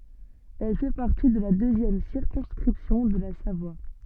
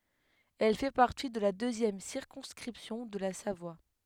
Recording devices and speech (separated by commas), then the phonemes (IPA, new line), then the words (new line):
soft in-ear microphone, headset microphone, read sentence
ɛl fɛ paʁti də la døzjɛm siʁkɔ̃skʁipsjɔ̃ də la savwa
Elle fait partie de la deuxième circonscription de la Savoie.